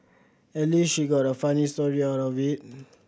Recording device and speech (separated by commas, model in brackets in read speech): boundary microphone (BM630), read sentence